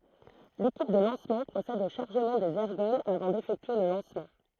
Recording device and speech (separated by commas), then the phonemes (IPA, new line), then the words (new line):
throat microphone, read sentence
lekip də lɑ̃smɑ̃ pʁosɛd o ʃaʁʒəmɑ̃ dez ɛʁɡɔlz avɑ̃ defɛktye lə lɑ̃smɑ̃
L'équipe de lancement procède au chargement des ergols avant d'effectuer le lancement.